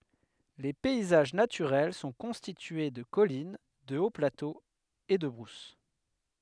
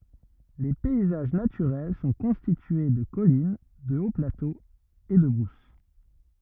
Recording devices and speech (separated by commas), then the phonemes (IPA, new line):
headset microphone, rigid in-ear microphone, read sentence
le pɛizaʒ natyʁɛl sɔ̃ kɔ̃stitye də kɔlin də oplatoz e də bʁus